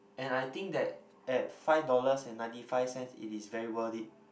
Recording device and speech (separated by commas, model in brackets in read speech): boundary microphone, conversation in the same room